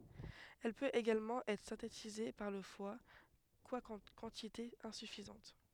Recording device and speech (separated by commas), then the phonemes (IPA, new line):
headset microphone, read sentence
ɛl pøt eɡalmɑ̃ ɛtʁ sɛ̃tetize paʁ lə fwa kwakɑ̃ kɑ̃titez ɛ̃syfizɑ̃t